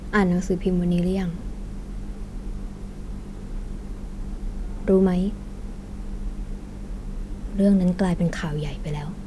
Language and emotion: Thai, sad